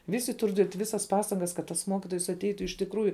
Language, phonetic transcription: Lithuanian, ˈvisi ˈtur diet' ˈvisas ˈpastangas kad tas ˈmokitojs atˈeitu iš tikˈrųju

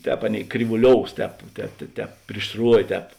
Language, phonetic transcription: Lithuanian, ˈtēp ˈaˌnėi kryvuˈlious ˈtēp ˈtēp te ˈtēp priš ˈsruovė ˈtēp

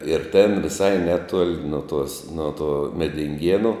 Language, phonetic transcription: Lithuanian, ir ten viˈsai ˈneˌtuol' no ˈtuos ˈno tuo medinˈgienu

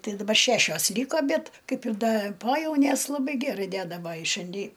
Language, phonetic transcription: Lithuanian, ˈtai daˈbar ˈšæšios ˈlyko ˈbet ˈkaip ir ˈda ˈpojaunės laˈbai ˈgærai ˈdeda ˈvai i šianˈdi

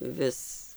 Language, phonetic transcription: Lithuanian, ˈvis

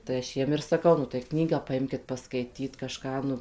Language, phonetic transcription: Lithuanian, tai aš ˈjiem ir saˈkau nu tai ˈknygą paˈimkit paˈskaityt kaˈžką nu

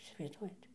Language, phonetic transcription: Lithuanian, isivaizˈduojat

